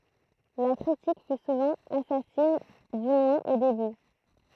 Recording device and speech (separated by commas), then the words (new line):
throat microphone, read sentence
La critique fut souvent assassine, du moins au début.